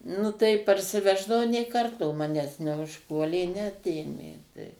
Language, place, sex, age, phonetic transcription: Lithuanian, Suvalkija, female, 60+, ˈnu tai parsiˈveždavau nė ˈkarto ˈmanęs neužˈpuolė neˈatėmė tai

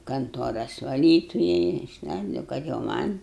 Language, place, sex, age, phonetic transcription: Lithuanian, Aukštaitija, female, 60+, kanˈtuoras vaˈlytuja išˈlaidou kad jau ˈman'

